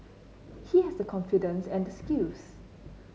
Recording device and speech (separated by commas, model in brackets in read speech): mobile phone (Samsung C9), read sentence